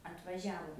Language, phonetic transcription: Lithuanian, atvaˈžiavo

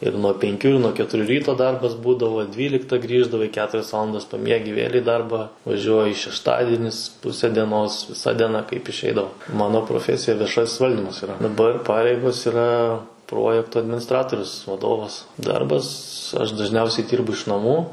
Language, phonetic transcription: Lithuanian, ir nuo penˈkių ir nuo ketuˈrių ˈryto ˈdarbas ˈbūdavo ˈdvylikta ˈgrįždavai ˈketurias ˈvalandas paˈmiegi vėl' į ˈdarbą vaˈžiuoji šešˈtadinis ˈpuse dieˈnos viˈsa dieˈna kaip išˈeidavo ˈmano proˈfesija vieˈšas' ˈvaldymas yˈra daˈbar ˈpareigos yˈra ˈprojektu adminiˈstratorius vaˈdovas ˈdarbas aš dažˈniausiai ˈdyrbu iš naˈmų

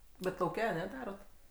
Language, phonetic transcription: Lithuanian, bet lauˈke aˈne ˈdarot

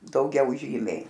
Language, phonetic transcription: Lithuanian, dauˈgiau ˈžymiai

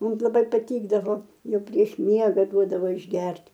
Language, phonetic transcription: Lithuanian, ˈmum laˈbai paˈtykdavo ˈjau prieš ˈmiega ˈduodavo išˈgert'

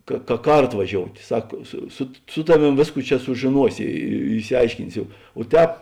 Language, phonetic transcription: Lithuanian, ka ka ˈkarto vaˈžiout' ˈsak su sut su ˈtaˌvėm ˈvėsˌkų ˈčia sužėˈnuosi i išsiˈaiškinsio o ˈtēp

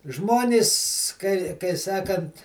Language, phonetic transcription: Lithuanian, ˈžmonis ˈkai kai ˈsakant

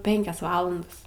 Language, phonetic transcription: Lithuanian, ˈpenkias ˈvalandas

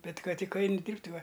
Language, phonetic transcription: Lithuanian, ˈbet ˈkad ˈtik ˈaini ˈdyrbt' ˈva

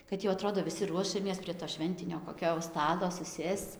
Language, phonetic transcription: Lithuanian, kad jau aˈtrodo viˈsi ˈruošiamės prie to ˈšventinio koˈkio jau ˈstato suˈsėsc

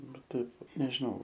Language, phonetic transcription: Lithuanian, ˈbet ˈtaip nežiˈnau

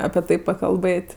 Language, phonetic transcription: Lithuanian, apie ˈtai pakalˈbɘt'

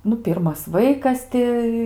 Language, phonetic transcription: Lithuanian, ˈnu ˈpirmas ˈvaikas ti

